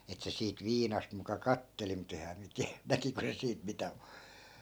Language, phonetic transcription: Finnish, et se siit "viinast muka 'katteli mut ‿eh̀ää miä tiä , 'näkiko se 'siit mitä m(u) ,.
- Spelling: että se siitä viinasta muka katseli mutta enhän minä tiedä näkikö se siitä mitä -

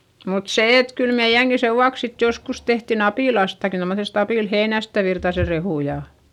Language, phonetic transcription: Finnish, mut se et kyl meiʲäŋki sevvuaks sit joskus tehtin ‿apìlastaki tommosest ‿apìlheinästä Virtase rehù ja .
- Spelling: mutta se että kyllä meidänkin sen vuoksi sitten joskus tehtiin apilastakin tuommoisesta apilaheinästä Virtasen rehua ja

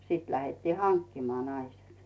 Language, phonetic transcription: Finnish, 'siit lähettii "haŋkkimaa , 'naisEt .
- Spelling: sitten lähdettiin hankkimaan naiset

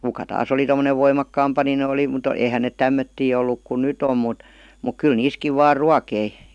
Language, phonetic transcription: Finnish, 'kuka 'täs ‿oli tom̆monev "voimakkaampa ni'n ‿oli mut 'eihän nèt "tämmöttii olluk kun̆ "nyt ‿om mut , muk 'kyl "niiskiv vaar "ruakei .
- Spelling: kuka tässä oli tuommoinen voimakkaampi niin oli mutta eihän ne tämmöisiä ollut kuin nyt on mutta mutta kyllä niissäkin vain ruokki

